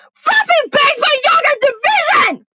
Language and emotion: English, disgusted